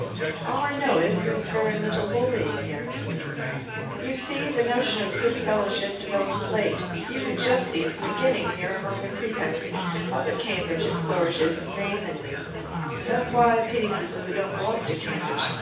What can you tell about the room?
A spacious room.